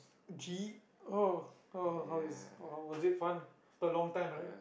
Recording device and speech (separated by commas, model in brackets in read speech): boundary microphone, conversation in the same room